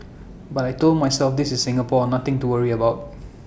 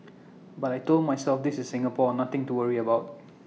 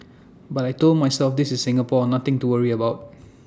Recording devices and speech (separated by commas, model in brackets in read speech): boundary microphone (BM630), mobile phone (iPhone 6), standing microphone (AKG C214), read sentence